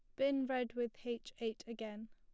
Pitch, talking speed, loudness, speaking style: 235 Hz, 190 wpm, -40 LUFS, plain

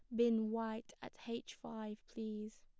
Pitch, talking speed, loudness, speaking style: 225 Hz, 150 wpm, -42 LUFS, plain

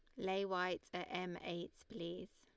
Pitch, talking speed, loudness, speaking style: 180 Hz, 165 wpm, -43 LUFS, Lombard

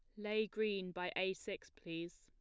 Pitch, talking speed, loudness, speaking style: 190 Hz, 180 wpm, -42 LUFS, plain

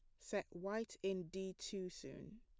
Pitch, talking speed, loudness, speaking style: 195 Hz, 165 wpm, -46 LUFS, plain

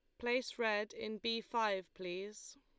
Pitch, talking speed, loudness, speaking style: 220 Hz, 150 wpm, -39 LUFS, Lombard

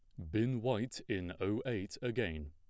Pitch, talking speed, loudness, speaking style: 105 Hz, 165 wpm, -38 LUFS, plain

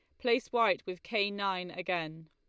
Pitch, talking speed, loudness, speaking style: 185 Hz, 175 wpm, -32 LUFS, Lombard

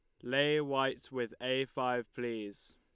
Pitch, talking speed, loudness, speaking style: 125 Hz, 145 wpm, -34 LUFS, Lombard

